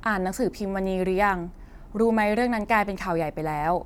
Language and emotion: Thai, neutral